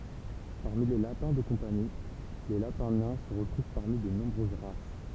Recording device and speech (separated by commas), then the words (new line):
temple vibration pickup, read sentence
Parmi les lapins de compagnie, les lapins nains se retrouvent parmi de nombreuses races.